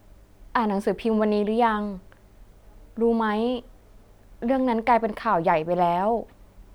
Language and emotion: Thai, neutral